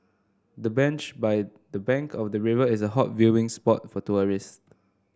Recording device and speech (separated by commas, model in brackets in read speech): standing microphone (AKG C214), read sentence